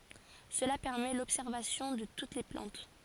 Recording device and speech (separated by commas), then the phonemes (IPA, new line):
forehead accelerometer, read sentence
səla pɛʁmɛ lɔbsɛʁvasjɔ̃ də tut le plɑ̃t